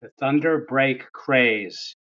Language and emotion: English, disgusted